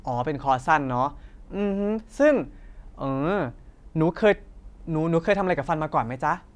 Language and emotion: Thai, happy